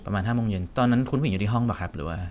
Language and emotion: Thai, neutral